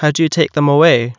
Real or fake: real